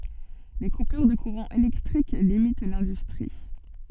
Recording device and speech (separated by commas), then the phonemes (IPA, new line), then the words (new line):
soft in-ear microphone, read sentence
le kupyʁ də kuʁɑ̃ elɛktʁik limit lɛ̃dystʁi
Les coupures de courant électrique limitent l'industrie.